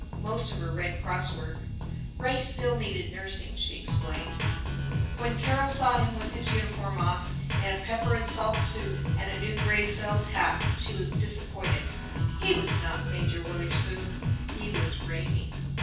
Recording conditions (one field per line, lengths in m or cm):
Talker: one person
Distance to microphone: 9.8 m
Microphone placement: far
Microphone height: 1.8 m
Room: large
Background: music